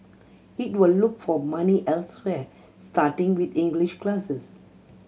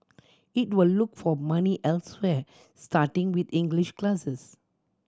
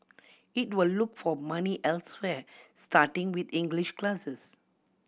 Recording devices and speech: mobile phone (Samsung C7100), standing microphone (AKG C214), boundary microphone (BM630), read sentence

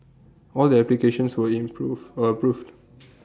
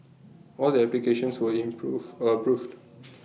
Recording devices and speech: standing microphone (AKG C214), mobile phone (iPhone 6), read sentence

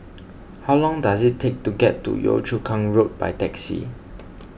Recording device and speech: boundary microphone (BM630), read sentence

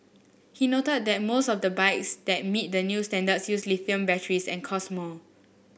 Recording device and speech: boundary microphone (BM630), read sentence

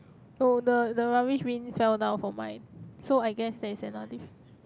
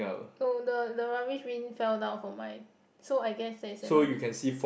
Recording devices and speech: close-talking microphone, boundary microphone, conversation in the same room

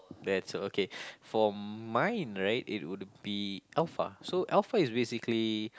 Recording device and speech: close-talking microphone, conversation in the same room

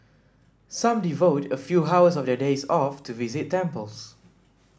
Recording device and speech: standing microphone (AKG C214), read sentence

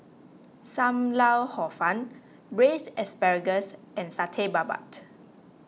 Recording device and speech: mobile phone (iPhone 6), read sentence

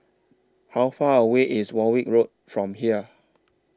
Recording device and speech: standing microphone (AKG C214), read sentence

